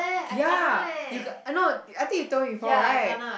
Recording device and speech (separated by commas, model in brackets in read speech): boundary microphone, conversation in the same room